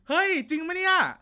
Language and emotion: Thai, happy